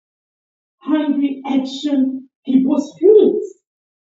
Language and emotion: English, happy